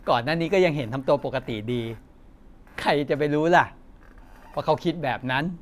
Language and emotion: Thai, happy